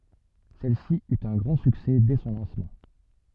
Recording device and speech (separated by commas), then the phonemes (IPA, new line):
soft in-ear microphone, read sentence
sɛlsi yt œ̃ ɡʁɑ̃ syksɛ dɛ sɔ̃ lɑ̃smɑ̃